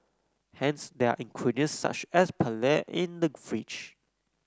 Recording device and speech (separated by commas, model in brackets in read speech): close-talking microphone (WH30), read sentence